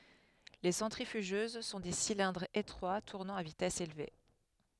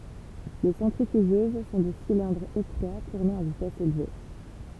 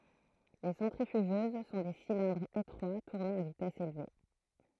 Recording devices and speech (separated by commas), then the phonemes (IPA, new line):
headset microphone, temple vibration pickup, throat microphone, read sentence
le sɑ̃tʁifyʒøz sɔ̃ de silɛ̃dʁz etʁwa tuʁnɑ̃ a vitɛs elve